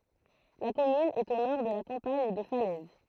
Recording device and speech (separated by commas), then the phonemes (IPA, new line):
throat microphone, read sentence
la kɔmyn ɛt o nɔʁ də la kɑ̃paɲ də falɛz